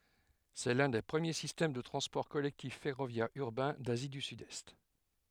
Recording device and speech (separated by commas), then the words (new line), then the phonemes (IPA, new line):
headset microphone, read sentence
C'est l'un des premiers systèmes de transports collectifs ferroviaires urbains d'Asie du Sud-Est.
sɛ lœ̃ de pʁəmje sistɛm də tʁɑ̃spɔʁ kɔlɛktif fɛʁovjɛʁz yʁbɛ̃ dazi dy sydɛst